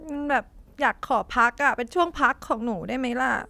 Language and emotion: Thai, sad